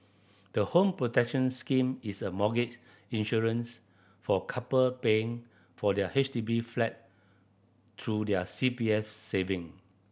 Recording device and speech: boundary microphone (BM630), read sentence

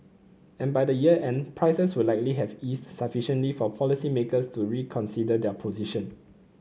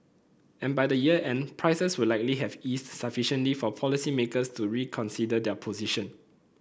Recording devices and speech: mobile phone (Samsung C9), boundary microphone (BM630), read sentence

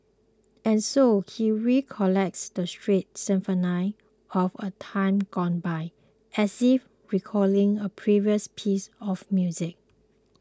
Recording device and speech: close-talking microphone (WH20), read sentence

